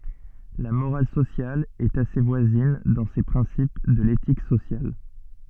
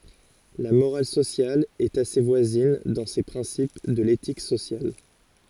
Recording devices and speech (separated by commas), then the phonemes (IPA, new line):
soft in-ear microphone, forehead accelerometer, read sentence
la moʁal sosjal ɛt ase vwazin dɑ̃ se pʁɛ̃sip də letik sosjal